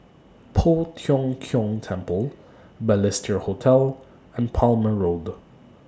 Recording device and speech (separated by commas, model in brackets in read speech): standing microphone (AKG C214), read sentence